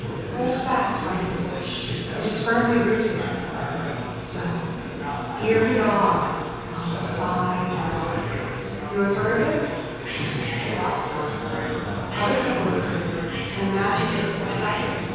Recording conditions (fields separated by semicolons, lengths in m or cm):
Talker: one person; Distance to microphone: 7.1 m; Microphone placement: far; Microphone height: 1.7 m; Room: very reverberant, large; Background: babble